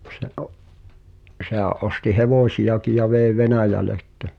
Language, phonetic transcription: Finnish, se ’o- , se(h)ä̀’ ’osti "hevòśiʲaki ja vèi̬ "Venä̀jäle ‿ttä .
- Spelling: se - sehän osti hevosiakin ja vei Venäjälle että

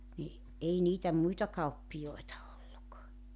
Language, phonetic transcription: Finnish, ni , '’ei niitä 'muita 'kauppijoeta olluk .
- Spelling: niin ei niitä muita kauppiaita ollut

